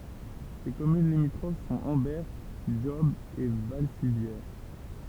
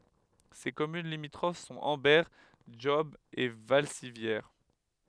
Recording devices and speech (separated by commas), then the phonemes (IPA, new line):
temple vibration pickup, headset microphone, read sentence
se kɔmyn limitʁof sɔ̃t ɑ̃bɛʁ dʒɔb e valsivjɛʁ